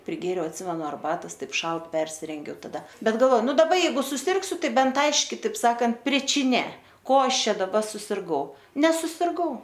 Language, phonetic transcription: Lithuanian, priˈgėriau atˈsimenu arˈbatos ˈtaip ˈšalt persirenˈgiau taˈda ˈbet galˈvo ˈnu daˈba jeiˈgu suˈsirgsiu ˈtai ˈbent ˈaiški taip ˈsakant pričiˈnė ˈko ˈaš ˈčia daˈba susirˈgau nesusirˈgau

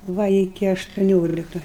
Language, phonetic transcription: Lithuanian, ˈva iˈki aštuˈniolika

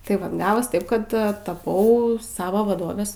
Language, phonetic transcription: Lithuanian, tai ˈva ˈgavos ˈtaip ˈkad taˈpau ˈsavo vaˈdovės

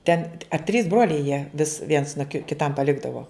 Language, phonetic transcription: Lithuanian, ˈten a trys ˈbroliai jie vis viens no ki kiˈtam paˈlikdavo

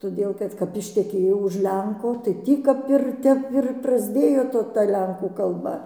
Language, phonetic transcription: Lithuanian, toˈdėl kad kap išteˈkėjau už ˈlenko tai ˈtį kap ir ˈtep ir prasˈdėjo ˈto ta ˈlenkų kalˈba

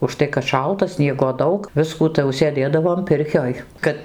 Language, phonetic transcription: Lithuanian, užˈtai kad ˈšalta ˈsniego ˈdaug ˈviskų tai jau sėˈdėdavom ˈpirkioj ˈkad

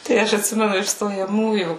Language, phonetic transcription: Lithuanian, tai ˈaš atˈsimenu iš stojaˈmųjų

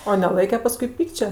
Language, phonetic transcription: Lithuanian, o neˈlaike ˈpaskui ˈpykčia

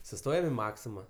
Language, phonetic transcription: Lithuanian, suˈstojam i ˈmaksima

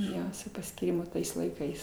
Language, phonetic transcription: Lithuanian, ˈjo su paskyˈrimu ˈtais laiˈkais

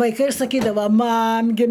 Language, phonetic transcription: Lithuanian, vaiˈkai saˈkydava ˈmam gi

